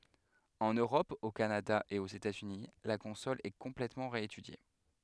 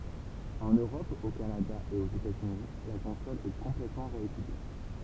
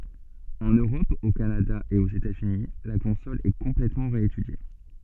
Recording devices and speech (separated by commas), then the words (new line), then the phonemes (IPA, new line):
headset microphone, temple vibration pickup, soft in-ear microphone, read sentence
En Europe, au Canada et aux États-Unis, la console est complètement réétudiée.
ɑ̃n øʁɔp o kanada e oz etazyni la kɔ̃sɔl ɛ kɔ̃plɛtmɑ̃ ʁeetydje